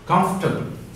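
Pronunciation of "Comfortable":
In 'comfortable', the r sound is deleted and is not heard.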